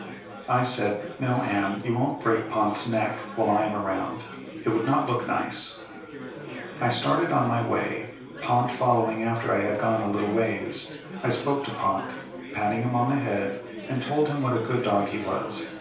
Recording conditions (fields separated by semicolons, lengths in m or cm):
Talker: one person; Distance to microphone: 3.0 m; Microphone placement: far; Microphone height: 1.8 m; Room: small (3.7 m by 2.7 m); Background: babble